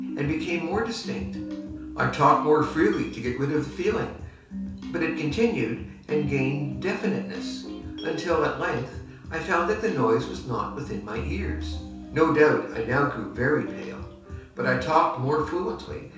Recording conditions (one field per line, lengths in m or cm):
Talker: one person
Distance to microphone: 3.0 m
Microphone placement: far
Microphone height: 1.8 m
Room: small (3.7 m by 2.7 m)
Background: music